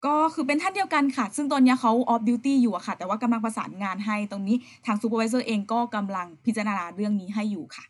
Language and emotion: Thai, neutral